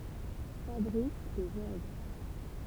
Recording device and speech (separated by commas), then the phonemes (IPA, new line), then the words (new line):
temple vibration pickup, read sentence
fabʁik dez ɔʁɡ
Fabrique des orgues.